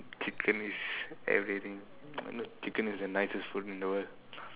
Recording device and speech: telephone, conversation in separate rooms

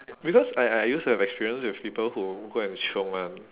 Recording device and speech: telephone, conversation in separate rooms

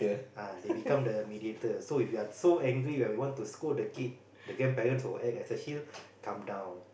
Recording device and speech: boundary microphone, conversation in the same room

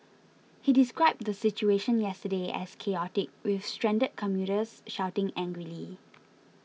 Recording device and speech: mobile phone (iPhone 6), read sentence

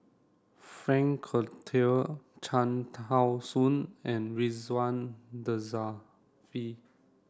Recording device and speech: standing microphone (AKG C214), read sentence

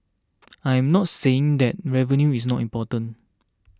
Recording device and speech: standing microphone (AKG C214), read sentence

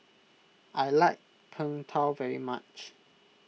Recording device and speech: mobile phone (iPhone 6), read sentence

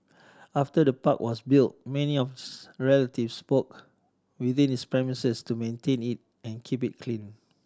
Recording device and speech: standing microphone (AKG C214), read sentence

